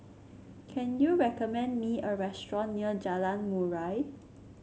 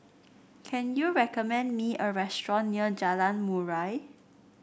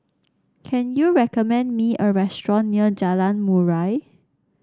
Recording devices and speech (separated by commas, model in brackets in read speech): mobile phone (Samsung C7), boundary microphone (BM630), standing microphone (AKG C214), read sentence